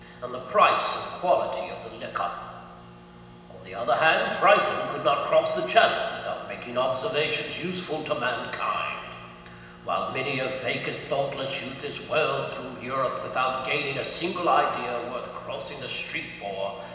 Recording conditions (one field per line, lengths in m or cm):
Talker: one person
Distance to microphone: 1.7 m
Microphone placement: close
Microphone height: 1.0 m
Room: very reverberant, large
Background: none